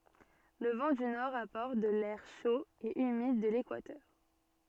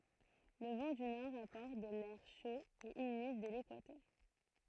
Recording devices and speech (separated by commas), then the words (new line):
soft in-ear microphone, throat microphone, read sentence
Le vent du nord apporte de l'air chaud et humide de l'équateur.